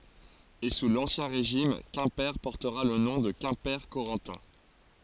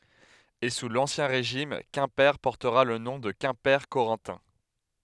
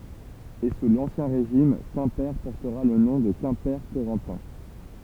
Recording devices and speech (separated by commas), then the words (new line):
forehead accelerometer, headset microphone, temple vibration pickup, read sentence
Et sous l'Ancien Régime Quimper portera le nom de Quimper-Corentin.